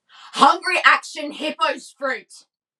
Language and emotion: English, angry